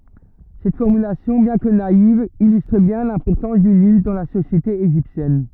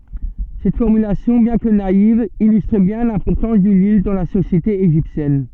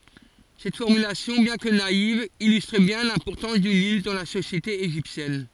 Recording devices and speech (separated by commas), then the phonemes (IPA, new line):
rigid in-ear microphone, soft in-ear microphone, forehead accelerometer, read sentence
sɛt fɔʁmylasjɔ̃ bjɛ̃ kə naiv ilystʁ bjɛ̃ lɛ̃pɔʁtɑ̃s dy nil dɑ̃ la sosjete eʒiptjɛn